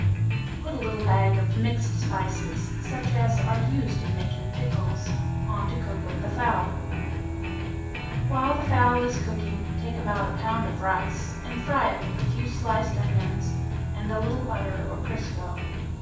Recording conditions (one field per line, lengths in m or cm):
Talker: one person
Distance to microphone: 9.8 m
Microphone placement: far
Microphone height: 1.8 m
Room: large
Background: music